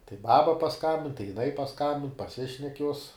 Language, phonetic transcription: Lithuanian, tai ˈbaba paˈskambin tai jiˈnai paˈskambin paˈsišnek juos

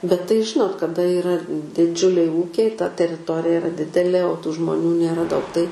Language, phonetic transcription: Lithuanian, bet tai ˈžinot kaˈda yˈra diˈdžiuliai ˈūkiai ta teriˈtorija iˈra ˈdidelė o tų žmoˈnių nėˈra daug tai

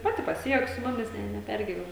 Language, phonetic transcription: Lithuanian, ˈpati paˈsijuok su ˈmumis ˈne neˈpergiven

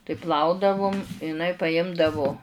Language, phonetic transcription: Lithuanian, tai ˈplaudavum iˈnai paˈjimdavu

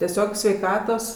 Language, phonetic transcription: Lithuanian, teˈsiog sveiˈkatos

